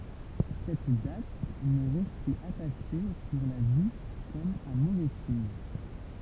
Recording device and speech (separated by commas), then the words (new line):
temple vibration pickup, read sentence
Cette date m'est restée attachée pour la vie comme un mauvais signe.